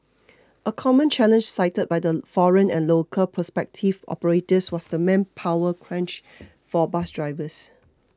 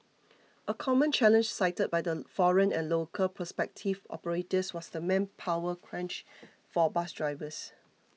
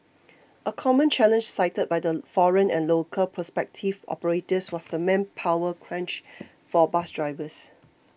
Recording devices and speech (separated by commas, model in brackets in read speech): close-talking microphone (WH20), mobile phone (iPhone 6), boundary microphone (BM630), read sentence